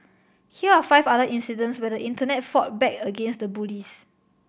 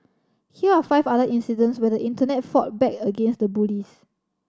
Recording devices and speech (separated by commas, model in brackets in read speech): boundary microphone (BM630), standing microphone (AKG C214), read sentence